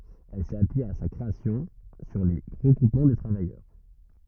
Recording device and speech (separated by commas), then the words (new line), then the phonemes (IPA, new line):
rigid in-ear microphone, read sentence
Elle s’est appuyée à sa création sur les regroupements de travailleurs.
ɛl sɛt apyije a sa kʁeasjɔ̃ syʁ le ʁəɡʁupmɑ̃ də tʁavajœʁ